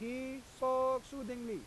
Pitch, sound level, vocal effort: 260 Hz, 96 dB SPL, very loud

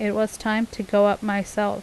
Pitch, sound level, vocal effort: 210 Hz, 82 dB SPL, normal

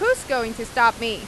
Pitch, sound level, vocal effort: 230 Hz, 95 dB SPL, loud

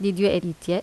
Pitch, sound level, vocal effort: 180 Hz, 82 dB SPL, normal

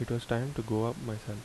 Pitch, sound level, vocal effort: 115 Hz, 76 dB SPL, soft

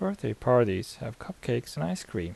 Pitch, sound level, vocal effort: 110 Hz, 78 dB SPL, soft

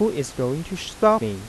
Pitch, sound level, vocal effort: 140 Hz, 87 dB SPL, soft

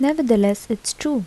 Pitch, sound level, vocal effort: 235 Hz, 77 dB SPL, soft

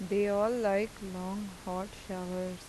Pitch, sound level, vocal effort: 195 Hz, 85 dB SPL, normal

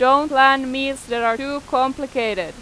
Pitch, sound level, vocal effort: 265 Hz, 94 dB SPL, very loud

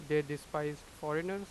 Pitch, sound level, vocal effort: 150 Hz, 92 dB SPL, loud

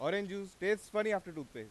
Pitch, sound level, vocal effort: 200 Hz, 97 dB SPL, very loud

